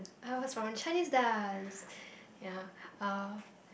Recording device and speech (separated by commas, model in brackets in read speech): boundary microphone, conversation in the same room